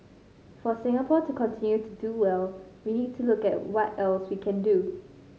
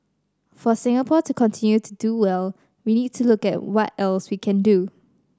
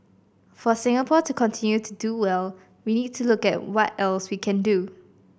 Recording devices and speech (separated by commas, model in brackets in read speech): mobile phone (Samsung C5010), standing microphone (AKG C214), boundary microphone (BM630), read sentence